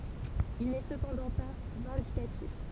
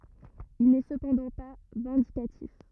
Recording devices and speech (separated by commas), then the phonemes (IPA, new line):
temple vibration pickup, rigid in-ear microphone, read sentence
il nɛ səpɑ̃dɑ̃ pa vɛ̃dikatif